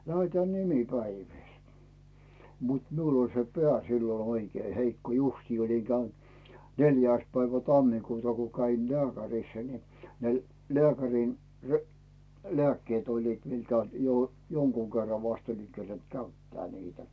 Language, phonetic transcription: Finnish, 'lä₍etää "nimi'päivìl , mut 'miul ‿oĺ se "peä̀ sillon̬ ‿oikee 'heikko 'justii oliŋ Cäynt , 'neljä̀ⁱs päivä tammikuuta ko käin "lᵉä̀kärissä ni , ne 'leäkärìn , re- , "leäkkeet 'oĺliit miŋkä , jo- , 'joŋkuu kerra vast 'oliŋ 'kerent "käyttää niitä .
- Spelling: lähdetään nimipäiville mutta minulla oli se pää silloin oikein heikko justiin olin käynyt neljäs päivä tammikuuta kun kävin lääkärissä niin ne lääkärin - lääkkeet olivat minkä - jonkun kerran vasta olin kerinnyt käyttää niitä

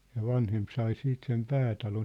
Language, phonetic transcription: Finnish, ja 'vanhemp sai 'siit sem 'päätalon .
- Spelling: ja vanhempi sai sitten sen päätalon

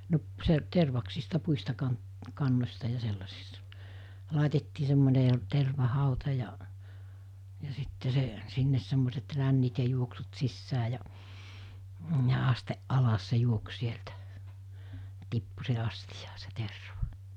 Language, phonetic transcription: Finnish, no , se , 'tervaksista 'puista 'kan- , 'kannos̜ta ja 'sellasista , 'làitettii semmone , 'terva'hàuta ja’ , ja 'sitte se , 'sinnes semmoset 'rännit ja 'juoksut 'sissää ja , ja 'asteˀ 'ˀalas se 'juoks 'sieltä , 'tippu s(i̬h)e 'astijaa se 'terva .
- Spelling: no se tervaksista puista - kannoista ja sellaisista laitettiin semmoinen tervahauta ja ja sitten se sinne semmoiset rännit ja juoksut sisään ja ja asti alas se juoksi sieltä tippui siihen astiaan se terva

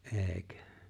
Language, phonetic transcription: Finnish, ’e̬e̬ⁱkö ?
- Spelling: eikö

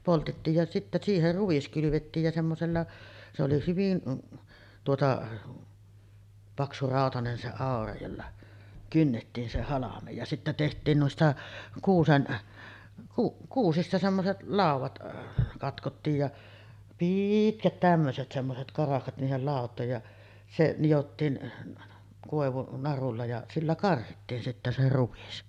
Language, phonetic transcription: Finnish, 'poltettiij ja sittä 'siiher 'ruᵛis kylyvettiij ja 'semmosella , se oli hyvin , tuota , 'paksuràotanen se 'àora jolla , 'kynnettiin se halamej ja , 'sittä teht̆tiin nuista , 'kuusen , ku-ˀ 'kuusista semmoset 'làuvat , katkottiij ja , "piitkät tämmöset semmoset 'karahkat niihel làot̀òej ja , se nijottiin , kòevunarulla ja 'sillä 'karhittiin sittä se 'ruvis .
- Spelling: poltettiin ja sitten siihen ruis kylvettiin ja semmoisella se oli hyvin tuota paksurautainen se aura jolla kynnettiin se halme ja sitten tehtiin niistä kuusen - kuusista semmoiset laudat katkottiin ja pitkät tämmöiset semmoiset karahkat niihin lautoihin ja se nidottiin koivunarulla ja sillä karhittiin sitten se ruis

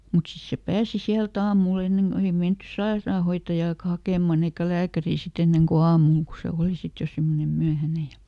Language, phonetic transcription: Finnish, mut ˈsis se "pääsi ˈsiältä "aamuˈl ‿enneŋ ko ei ˈmenty "saeraahoittajaaka ˈhakèman ‿eikä "lääkärii siˈt ‿enneŋ ko "aamul ko ˈse ˈòli ˈsit jo ˈsimmonem "myähäne ja ,.
- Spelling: mutta sitten se pääsi sieltä aamulla ennen kun ei menty sairaanhoitajaakaan hakemaan eikä lääkäriä sitten ennen kuin aamulla kun se oli sitten jo semmoinen myöhäinen ja

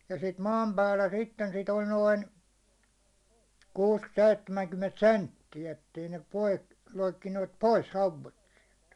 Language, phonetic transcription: Finnish, ja sit 'maam päällä sitten sit ‿oĺ 'noin , 'kuus 'seittemäŋkymment "sentti₍ä ettei ne pois , 'loikkineet "pois 'hauvet siɛltᴀ̈ .
- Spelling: ja sitä maan päällä sitten sitä oli noin kuusi seitsemänkymmentä senttiä että ei ne pois loikkineet pois hauet sieltä

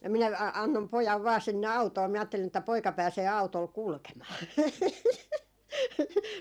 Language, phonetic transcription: Finnish, minä a-annom 'pojav vaa 'sinne "autoo minä aattelin että 'poika 'pääsee 'au̬tol "kulkemaa .
- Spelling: minä annoin pojan vain sinne autoon minä ajattelin että poika pääsee autolla kulkemaan

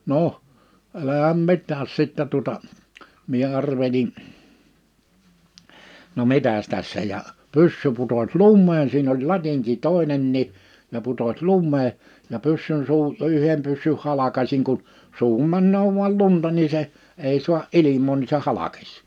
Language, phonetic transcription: Finnish, 'noʰ , 'ɛlähäm 'mit̆tääs sittä tuᵒta , mie 'arvelin , » no 'mitäs 'tässä « ja , 'pyssy puto(ś) "lummeen siin ‿oĺ "latiŋki "tòinennii , ja putoś "lummee , ja 'pyssyn suu , 'yhem pyssyh 'halakasiŋ kun , 'suuhum 'männöö vu̬al 'lunta nii se , 'èi su̬a’ "’ilim̀oo ni se 'halakᴇs .
- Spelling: no älä mitään sitten tuota minä arvelin no mitäs tässä ja pyssy putosi lumeen siinä oli latinki toinenkin ja putosi lumeen ja pyssyn suu yhden pyssyn halkaisin kun suuhun menee vain lunta niin se ei saa ilmaa niin se halkesi

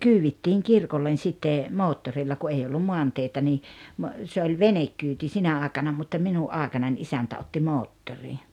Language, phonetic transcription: Finnish, kyyvittiiŋ "kirkollen 'sitte , 'moottorilla ku 'ei ollum 'moanteitä nii , mo- , se oĺ "venekkyyti 'sinä 'aaᵉkana mutta 'minu’ ’aaᵉkanań 'isäntä otti "moottori .
- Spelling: kyydittiin kirkolle sitten moottorilla kun ei ollut maanteitä niin - se oli venekyyti sinä aikana mutta minun aikanani isäntä otti moottorin

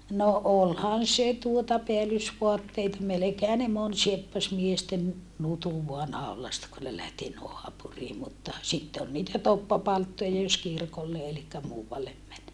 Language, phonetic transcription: Finnish, no ʼolhan se tuota peälysvoatteita melekeehä ne mon sieppas miesten , nutuv voa nàol̀asta kun ne lähti noapurii mutta , sitte ol niitä toppapalttoja jos kirkolle elikkä muuvallem män .
- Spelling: no olihan se tuota päällysvaatteita melkeinhän ne moni sieppasi miesten nutun vain naulasta kun ne lähti naapuriin mutta sitten oli niitä toppapalttoita jos kirkolle eli muualle meni

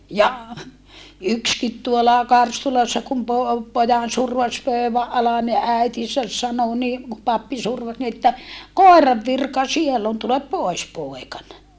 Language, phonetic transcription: Finnish, ja , ykskit tuola Karstulassa kum po- , pojan survas pö̀yväʼ ʼalan ni äitisäs sano ni , ku pappi survas ni että , » kòerav virka siell ‿on tulep pòis pòekan » .
- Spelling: ja yksikin tuolla Karstulassa kun - pojan survaisi pöydän alle niin äitinsä sanoi niin kun pappi survaisi niin että koiran virka siellä on tule pois poikani

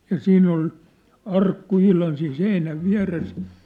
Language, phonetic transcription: Finnish, ja 'siinn ‿ol , 'arkku 'ihlan siin 'seinäv 'viä̭res .
- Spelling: ja siinä oli arkku ihan siinä seinän vieressä

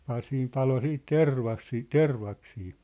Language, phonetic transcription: Finnish, ('ja) 'siim 'palo 'siit "tervas̳̀ii , "tervaksii .
- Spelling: ja siinä paloi sitten tervaisia tervaksia

